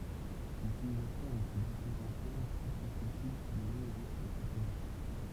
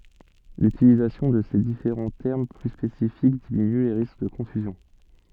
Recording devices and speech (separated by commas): temple vibration pickup, soft in-ear microphone, read sentence